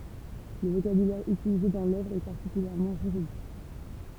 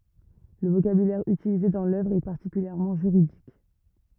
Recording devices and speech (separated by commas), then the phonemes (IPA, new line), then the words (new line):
temple vibration pickup, rigid in-ear microphone, read sentence
lə vokabylɛʁ ytilize dɑ̃ lœvʁ ɛ paʁtikyljɛʁmɑ̃ ʒyʁidik
Le vocabulaire utilisé dans l'œuvre est particulièrement juridique.